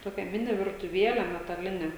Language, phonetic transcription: Lithuanian, ˈtokia ˈmini virtuˈviele metaˈline

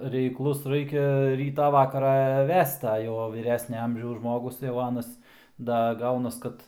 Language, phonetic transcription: Lithuanian, reikˈlus ˈraikia ˈrytą ˈvakarą ˈvest a ˈjau vyˈresnia ˈamžiaus ˈžmogus jau ˈanas ˈda ˈgaunas ˈkad

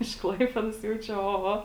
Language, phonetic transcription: Lithuanian, iš ˈklaipėdos ˈjau ˈčia o ˈo

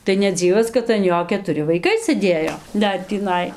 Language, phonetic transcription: Lithuanian, tai neˈdzyvas kad an ˈjo ketuˈri vaiˈkai sɘˈdėjo ˈdar tįˈnai

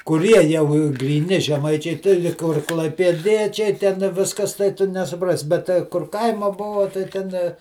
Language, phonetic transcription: Lithuanian, kuˈrie jau gryˈni žeˈmaičiai ti lig ˈkur klaipėˈdiečiai ˈten ˈviskas tai ˈtu nesuˈprasi bet ˈtai kur ˈkaima ˈbuvo tai ˈten

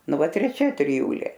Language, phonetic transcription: Lithuanian, ˈnu ˈvat treˈčia triˈjūlė

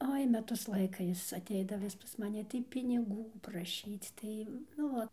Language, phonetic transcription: Lithuanian, ˈoi ˈmetus ˈlaika ˈjis atˈeidava vis pas maˈni tai piniˈgų praˈšyc ˈtai nu ˈo

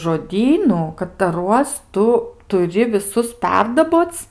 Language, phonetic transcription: Lithuanian, žoˈdynu kataˈruos ˈtu tuˈri viˈsus ˈperdaboc

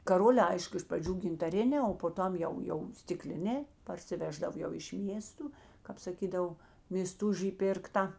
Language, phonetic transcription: Lithuanian, kaˈrolē ˈaišku iš praˈdžių gintaˈrinē o po ˈtam jau jau stiˈklinē parsiˈveždav jau iš ˈmiestu kāp saˈkydav mėsˈtužy ˈpirkta

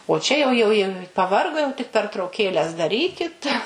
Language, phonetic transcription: Lithuanian, o ˈčia jau ˈjau jau paˈvargo jau tik pertrauˈkėles daˈrykit

